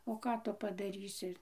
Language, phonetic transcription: Lithuanian, o ˈką tu padaˈrysi

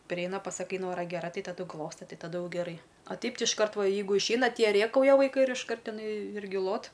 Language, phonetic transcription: Lithuanian, priˈeina pasaˈkai ˈnora geˈra ˈtai taˈdu ˈglosta ˈtai taˈdu ˈjau geˈrai a ˈteip ˈti išˈkart ˈva ˈjeigu išˈeina ˈtie ˈrėkauja vaiˈkai ir išˈkart iˈnai ˈirgi ˈlot

